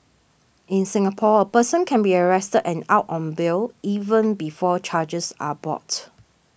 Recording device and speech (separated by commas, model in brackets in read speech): boundary microphone (BM630), read sentence